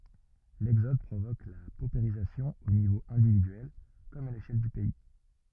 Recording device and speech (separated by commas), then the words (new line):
rigid in-ear microphone, read sentence
L'exode provoque la paupérisation au niveau individuel, comme à l'échelle du pays.